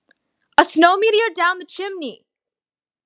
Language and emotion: English, fearful